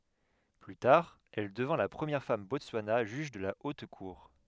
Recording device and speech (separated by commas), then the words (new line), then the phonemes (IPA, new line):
headset microphone, read sentence
Plus tard, elle devint la première femme Botswana juge de la Haute Cour.
ply taʁ ɛl dəvɛ̃ la pʁəmjɛʁ fam bɔtswana ʒyʒ də la ot kuʁ